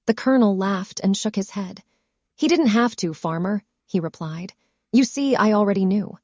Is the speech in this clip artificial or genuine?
artificial